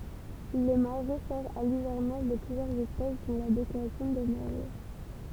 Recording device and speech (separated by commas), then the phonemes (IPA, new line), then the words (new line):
temple vibration pickup, read sentence
lə maʁɛ sɛʁ a livɛʁnaʒ də plyzjœʁz ɛspɛs dɔ̃ la bekasin de maʁɛ
Le marais sert à l'hivernage de plusieurs espèces dont la bécassine des marais.